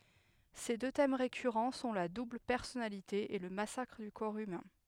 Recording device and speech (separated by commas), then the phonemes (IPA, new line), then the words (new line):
headset microphone, read sentence
se dø tɛm ʁekyʁɑ̃ sɔ̃ la dubl pɛʁsɔnalite e lə masakʁ dy kɔʁ ymɛ̃
Ses deux thèmes récurrents sont la double personnalité et le massacre du corps humain.